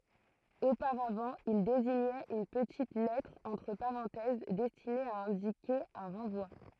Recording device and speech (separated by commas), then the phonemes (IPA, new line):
throat microphone, read sentence
opaʁavɑ̃ il deziɲɛt yn pətit lɛtʁ ɑ̃tʁ paʁɑ̃tɛz dɛstine a ɛ̃dike œ̃ ʁɑ̃vwa